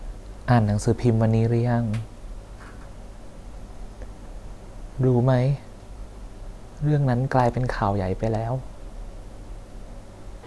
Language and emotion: Thai, sad